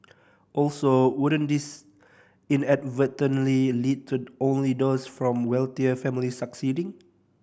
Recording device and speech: boundary microphone (BM630), read sentence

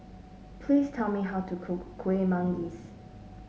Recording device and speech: mobile phone (Samsung S8), read sentence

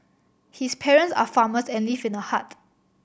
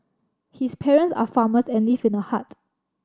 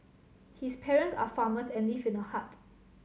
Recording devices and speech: boundary microphone (BM630), standing microphone (AKG C214), mobile phone (Samsung C7100), read sentence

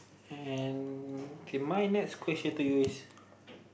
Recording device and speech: boundary microphone, conversation in the same room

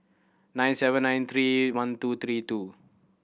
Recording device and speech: boundary microphone (BM630), read sentence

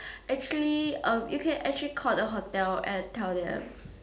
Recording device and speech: standing microphone, conversation in separate rooms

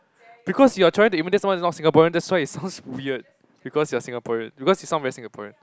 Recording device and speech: close-talking microphone, conversation in the same room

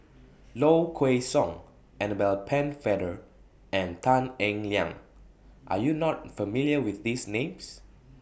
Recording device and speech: boundary microphone (BM630), read sentence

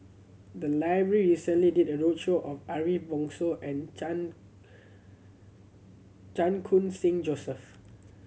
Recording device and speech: mobile phone (Samsung C7100), read sentence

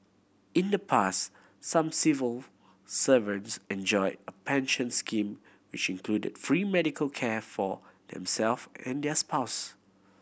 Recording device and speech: boundary microphone (BM630), read sentence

